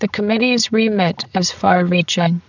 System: VC, spectral filtering